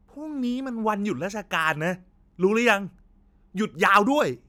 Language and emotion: Thai, frustrated